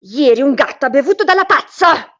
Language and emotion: Italian, angry